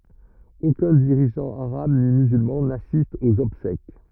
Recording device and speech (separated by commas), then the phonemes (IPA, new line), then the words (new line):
rigid in-ear microphone, read sentence
okœ̃ diʁiʒɑ̃ aʁab ni myzylmɑ̃ nasist oz ɔbsɛk
Aucun dirigeant arabe ni musulman n'assiste aux obsèques.